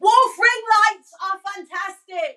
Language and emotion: English, surprised